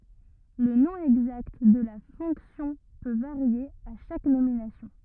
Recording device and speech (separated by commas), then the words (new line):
rigid in-ear microphone, read sentence
Le nom exact de la fonction peut varier à chaque nomination.